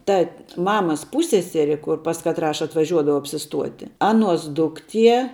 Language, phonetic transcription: Lithuanian, ˈta ˈmamas ˈpūsseseri kur pas katˈrą atvaˈžiuodavau apsiˈstuoti ˈaˌnuos ˈdukˌtie

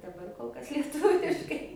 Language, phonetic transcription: Lithuanian, daˈbar kol ˈkas lieˈtuviškai

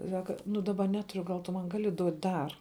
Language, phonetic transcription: Lithuanian, ˈsaka nu daˈba ˈneturiu gal tu ˈman ˈgali ˈduot' ˈdar

